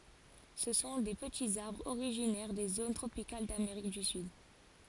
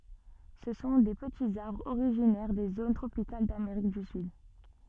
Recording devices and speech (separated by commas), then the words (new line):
forehead accelerometer, soft in-ear microphone, read sentence
Ce sont des petits arbres originaires des zones tropicales d'Amérique du Sud.